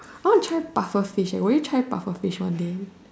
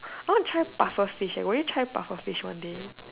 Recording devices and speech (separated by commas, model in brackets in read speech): standing microphone, telephone, conversation in separate rooms